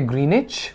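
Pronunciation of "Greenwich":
'Greenwich' is pronounced incorrectly here.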